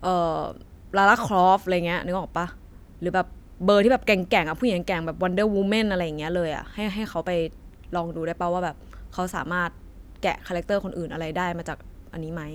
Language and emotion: Thai, neutral